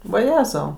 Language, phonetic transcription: Lithuanian, vaˈjezau

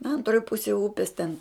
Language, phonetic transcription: Lithuanian, ˈantroj ˈpusėj ˈupis ten

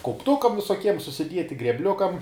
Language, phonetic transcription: Lithuanian, kaupˈtukam visoˈkiem susiˈdieti grebˈliukam

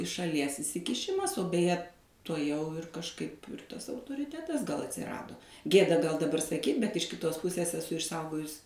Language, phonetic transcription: Lithuanian, iš šaˈlies isikiˈšimas o beˈje tuoˈjau ir kažˈkaip ˈtas autoriˈtetas gal atsiˈrado ˈgėda gal daˈbar saˈkyt bet iš kiˈtos ˈpusės eˈsu išˈsaugojus

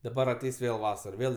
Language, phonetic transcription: Lithuanian, daˈbar aˈteis ˈvėl ˈvasar ˈvėl

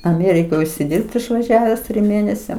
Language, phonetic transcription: Lithuanian, aˈmėrikoj užsiˈdirbt išvaˈžiaves trim ˈmėnesiam

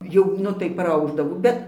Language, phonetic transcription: Lithuanian, ˈjau ˈnu tai praˈaušdavo ˈbet

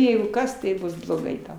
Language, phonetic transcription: Lithuanian, ˈjeigu ˈkas tai ˈbus bloˈgai ˈtau

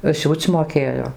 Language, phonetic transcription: Lithuanian, ˈsiūc' moˈkėjo

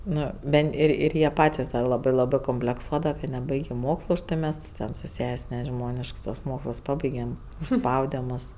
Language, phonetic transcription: Lithuanian, ˈnu ˈbent ˈir ˈir ir jie ˈpatis da ˈlabɜ ˈlabɜ komplekˈsuodava ka neˈbaigė ˈmokslu už ˈtai ˈmes ten su ˈses' neˈžmonišks tuos ˈmoksls ˈpabaigem užˈspaude ˈmus

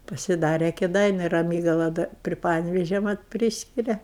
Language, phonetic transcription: Lithuanian, pasiˈdare kėˈdainiu raˈmygala da pri ˈpanevėžia mat ˈpryskiria

